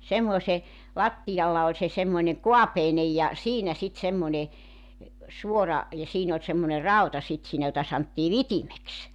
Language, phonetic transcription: Finnish, 'semmoᵉse , 'lattijalla oĺ se semmoⁱneŋ "ko̭apeinej ja , "siinä sit 'semmońe , 'suora , ja 'siin ‿oĺ semmone 'rau̬ta 'sit siinä jota santtii "vitimeks .
- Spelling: semmoisen lattialla oli se semmoinen kaapeinen ja siinä sitten semmoinen suora ja siinä oli semmoinen rauta sitten siinä jota sanottiin vitimeksi

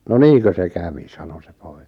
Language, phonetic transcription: Finnish, » no "niiᵑkö se 'kävi « 'sano se 'pᴏɪ[ka] .
- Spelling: no niinkö se kävi sanoi se poika

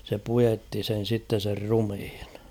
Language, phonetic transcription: Finnish, se 'pujetti sen̬ sitten̬ ser 'rumⁱhɪɴ .
- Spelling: se puetti sen sitten sen ruumiin

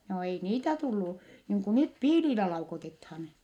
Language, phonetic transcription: Finnish, joo ei niitä tullu , niiŋ ku nyt piililä laukotethan .
- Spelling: joo ei niitä tullut niin kuin nyt piilillä laukotetaan

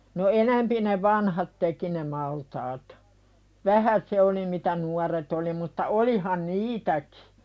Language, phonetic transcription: Finnish, no "enämpi ne 'vanhat teki ne 'maltaat , "vähä 'se oli mitä "nuaret ‿oli mutta 'olihan "niitäkɪ .
- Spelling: no enempi ne vanhat teki ne maltaat vähän se oli mitä nuoret oli mutta olihan niitäkin

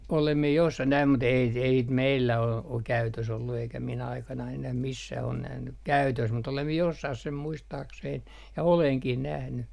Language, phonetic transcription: Finnish, 'olem mie jossah näim mut ‿ei ei sit 'meillä ol , o käytös ‿ollu eikä min 'aikanain ‿enäh "missäh on 'nähny , "käytös mut olem mie 'jossah sem 'muistaaksein ja "oleŋkih nähny .
- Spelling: olen minä jossakin näin mutta ei ei sitä meillä ole ole käytössä ollut eikä minun aikanani enää missään ole nähnyt käytössä mutta olen minä jossakin sen muistaakseni ja olenkin nähnyt

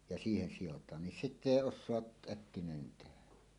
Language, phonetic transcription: Finnish, ja 'siihen sijot̀aan nin "sitt ‿èi 'os̆soaˀ 'ˀäkkinäenen tehä .
- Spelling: ja siihen sidotaan niin sitten ei osaa äkkinäinen tehdä

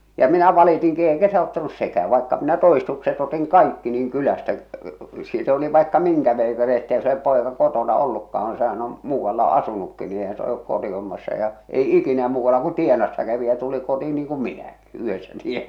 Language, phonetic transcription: Finnish, ja 'minä 'valitiŋki eikä se 'auttanus "sekää vaikka minä "to₍istukset otiŋ "kaikki niiŋ 'kylästä , siit oli vaikka 'miŋkä veikari ettei se (olep) 'pòeka 'kotona 'ollukkaaŋ ᵏᵘ sehän ‿om , "muuvvalla "asunukki ni eihän se olek 'kotihommassa ja , ei "ikinä muuvvalla ku "tienassa kävi ja tuli 'kotii niiŋ kuᵐ "minäkɪ , 'yhessä tiena .
- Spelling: ja minä valitinkin eikä se auttanut sekään vaikka minä todistukset otin kaikki niin kylästä siitä oli vaikka minkä veikari että ei se ole poika kotona ollutkaan kun sehän on muualla asunutkin niin eihän se ole kotihommassa ja ei ikinä muualla kuin tienassa kävi ja tuli kotiin niin kuin minäkin yhdessä tiena

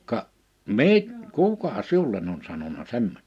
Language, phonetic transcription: Finnish, » ka’ , "mi- , "kùka "siulen ‿on sanona 'semm[oista] ? «
- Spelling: ka - kuka sinulle on sanonut semmoista

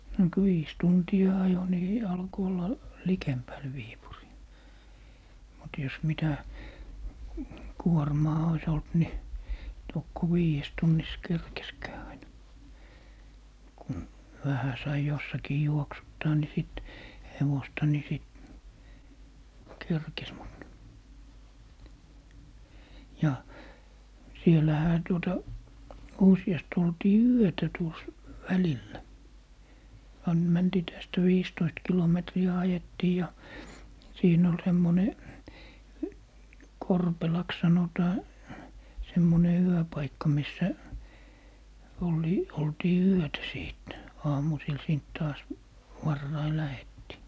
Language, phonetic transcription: Finnish, no kᵘ 'viis 'tunti₍a "ajo ni , 'alko olla , "likempäl 'Viipurii , mut jos 'mitä , "kuormaa ois olt 'ni , tokko "wiijes 'tunnis 'kerkeskää aina , kun , "vähä sai 'jossakii 'juoksuttaa ni 'sìt , 'hevosta ni 'sìt , "kerkes mut , 'ja , 'siel̀ähä tuota , 'usi₍ast ‿oltii "yötä tuos , 'välillä , 'an - 'mäntii tästä 'viistoist 'kilometri₍ä 'ajettii ja , 'siin ‿ol 'semmone , "Korpelaks 'sanotaa , 'semmone "yöpaikka 'missä , 'ol̀i- , 'oltii "yötä 'sìt , 'aamusil 'siint taas , "varrai 'lähettii .
- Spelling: no kun viisi tuntia ajoi niin alkoi olla likemmällä Viipuria mutta jos mitä kuormaa olisi ollut niin tokko viidessä tunnissa kerkesikään aina kun vähän sai jossakin juoksuttaa niin sitten hevosta niin sitten kerkesi mutta ja siellähän tuota useasti oltiin yötä tuossa välillä - mentiin tästä viisitoista kilometriä ajettiin ja siinä oli semmoinen Korpelaksi sanotaan semmoinen yöpaikka missä - oltiin yötä sitten aamusilla siitä taas varhain lähdettiin

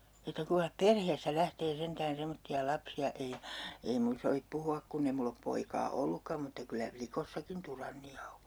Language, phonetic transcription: Finnish, että kuiŋkah "perheestä 'lähtee 'sentään 'semotti₍a 'lapsi₍a ei , ei mun 'sovip puhu₍ak 'kunn ‿e 'mull ‿op 'poikaa "ollukkam mutta 'kyllä "plikossakin 'turanni₍a o .
- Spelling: että kuinkas perheestä lähtee sentään semmoisia lapsia ei ei minun sovi puhua kun ei minulla ole poikaa ollutkaan mutta kyllä likoissakin tyranneja on

